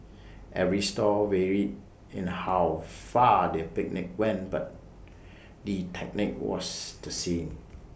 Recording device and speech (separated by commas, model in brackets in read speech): boundary microphone (BM630), read sentence